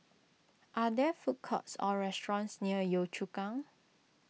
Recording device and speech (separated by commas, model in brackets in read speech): mobile phone (iPhone 6), read sentence